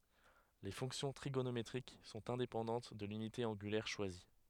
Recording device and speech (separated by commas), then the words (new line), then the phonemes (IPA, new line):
headset microphone, read sentence
Les fonctions trigonométriques sont indépendantes de l’unité angulaire choisie.
le fɔ̃ksjɔ̃ tʁiɡonometʁik sɔ̃t ɛ̃depɑ̃dɑ̃t də lynite ɑ̃ɡylɛʁ ʃwazi